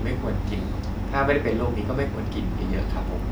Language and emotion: Thai, neutral